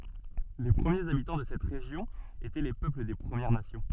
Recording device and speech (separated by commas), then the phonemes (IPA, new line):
soft in-ear microphone, read sentence
le pʁəmjez abitɑ̃ də sɛt ʁeʒjɔ̃ etɛ le pøpl de pʁəmjɛʁ nasjɔ̃